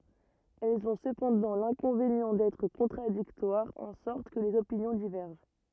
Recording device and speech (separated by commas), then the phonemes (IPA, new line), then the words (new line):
rigid in-ear microphone, read sentence
ɛlz ɔ̃ səpɑ̃dɑ̃ lɛ̃kɔ̃venjɑ̃ dɛtʁ kɔ̃tʁadiktwaʁz ɑ̃ sɔʁt kə lez opinjɔ̃ divɛʁʒɑ̃
Elles ont cependant l'inconvénient d'être contradictoires, en sorte que les opinions divergent.